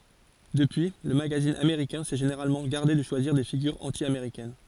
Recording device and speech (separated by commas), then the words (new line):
forehead accelerometer, read sentence
Depuis, le magazine américain s'est généralement gardé de choisir des figures anti-américaines.